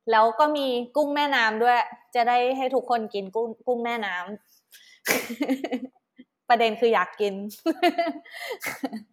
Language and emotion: Thai, happy